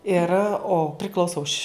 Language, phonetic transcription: Lithuanian, ir o priˈklauso už'

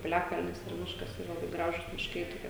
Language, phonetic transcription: Lithuanian, piˈliakalnis ir ˈmiškas ˈyra laˈbai ˈgražus mišˈkai toˈkie

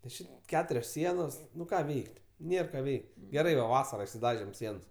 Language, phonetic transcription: Lithuanian, nes ˈči ˈketurios ˈsienos ˈnu ˈką ˈveik't' ˈnėr ˈką ˈveik' geˈrai va ˈvasara išsˈidažėm ˈsiens

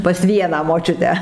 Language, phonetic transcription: Lithuanian, pas ˈvieną moˈčiutę

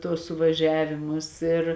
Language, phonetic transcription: Lithuanian, ˈtuos suvaˈžiavimus ir

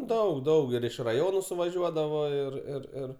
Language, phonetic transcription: Lithuanian, ˈdaug ˈdaug ir iš raˈjonu suvaˈžiuodavo ir ir ˈir

